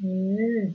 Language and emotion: Thai, neutral